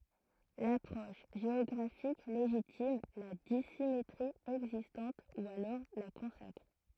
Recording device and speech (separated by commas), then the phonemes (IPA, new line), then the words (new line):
throat microphone, read sentence
lapʁɔʃ ʒeɔɡʁafik leʒitim la disimetʁi ɛɡzistɑ̃t u alɔʁ la kɔ̃sakʁ
L'approche géographique légitime, la dissymétrie existante ou alors la consacre.